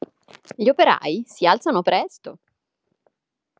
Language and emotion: Italian, happy